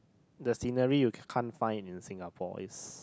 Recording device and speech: close-talking microphone, conversation in the same room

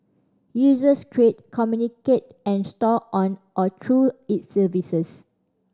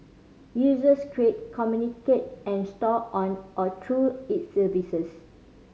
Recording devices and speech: standing microphone (AKG C214), mobile phone (Samsung C5010), read sentence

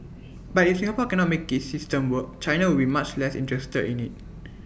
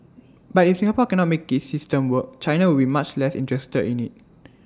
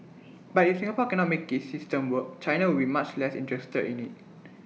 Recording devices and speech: boundary microphone (BM630), standing microphone (AKG C214), mobile phone (iPhone 6), read sentence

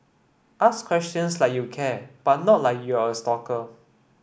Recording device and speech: boundary microphone (BM630), read sentence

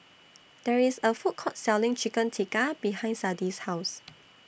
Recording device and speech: boundary microphone (BM630), read sentence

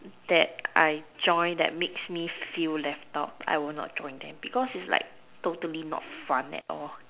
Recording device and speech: telephone, conversation in separate rooms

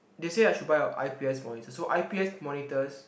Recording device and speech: boundary microphone, conversation in the same room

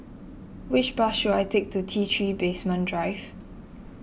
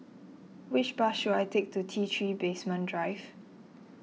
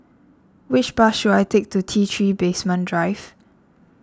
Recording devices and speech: boundary microphone (BM630), mobile phone (iPhone 6), standing microphone (AKG C214), read sentence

